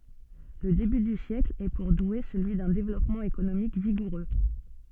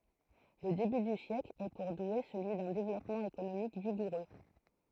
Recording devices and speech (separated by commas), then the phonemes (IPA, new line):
soft in-ear microphone, throat microphone, read sentence
lə deby dy sjɛkl ɛ puʁ dwe səlyi dœ̃ devlɔpmɑ̃ ekonomik viɡuʁø